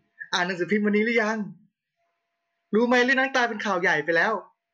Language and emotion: Thai, happy